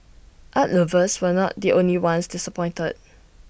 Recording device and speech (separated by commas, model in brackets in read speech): boundary microphone (BM630), read sentence